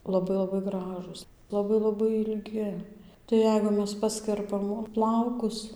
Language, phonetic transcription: Lithuanian, laˈbai laˈbai ˈgražūs laˈbai laˈbai ilˈgi tai ˈjeigu ˈmes ˈpaskerpam ˈplaukus

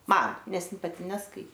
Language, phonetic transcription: Lithuanian, ˈman ˈnes ˈin paˈti nesˈkai

